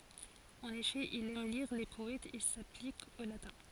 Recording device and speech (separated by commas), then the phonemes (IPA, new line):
forehead accelerometer, read sentence
ɑ̃n efɛ il ɛm liʁ le pɔɛtz e saplik o latɛ̃